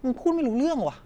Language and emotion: Thai, frustrated